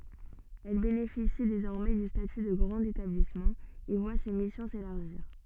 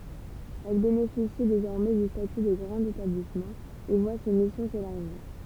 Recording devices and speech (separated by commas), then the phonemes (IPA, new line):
soft in-ear microphone, temple vibration pickup, read sentence
ɛl benefisi dezɔʁmɛ dy staty də ɡʁɑ̃t etablismɑ̃ e vwa se misjɔ̃ selaʁʒiʁ